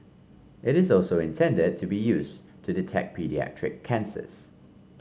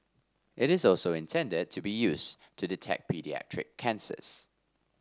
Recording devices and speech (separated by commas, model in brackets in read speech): mobile phone (Samsung C5), standing microphone (AKG C214), read sentence